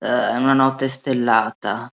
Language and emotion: Italian, disgusted